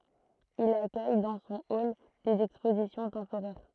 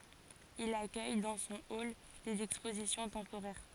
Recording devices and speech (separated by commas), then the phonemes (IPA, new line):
throat microphone, forehead accelerometer, read sentence
il akœj dɑ̃ sɔ̃ ɔl dez ɛkspozisjɔ̃ tɑ̃poʁɛʁ